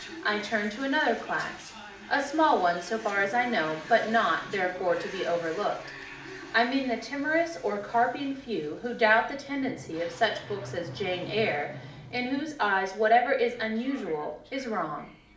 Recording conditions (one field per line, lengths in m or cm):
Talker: one person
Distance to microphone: 2.0 m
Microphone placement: close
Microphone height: 99 cm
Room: medium-sized (5.7 m by 4.0 m)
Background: television